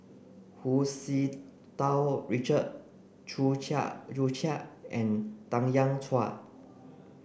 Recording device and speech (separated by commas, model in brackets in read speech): boundary microphone (BM630), read sentence